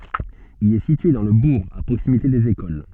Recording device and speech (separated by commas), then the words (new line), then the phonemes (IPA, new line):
soft in-ear microphone, read sentence
Il est situé dans le bourg, à proximité des écoles.
il ɛ sitye dɑ̃ lə buʁ a pʁoksimite dez ekol